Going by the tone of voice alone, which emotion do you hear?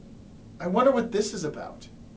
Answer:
neutral